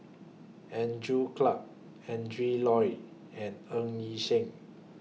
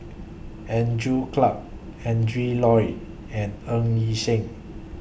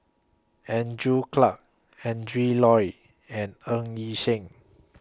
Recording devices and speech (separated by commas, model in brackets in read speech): mobile phone (iPhone 6), boundary microphone (BM630), close-talking microphone (WH20), read sentence